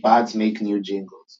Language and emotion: English, neutral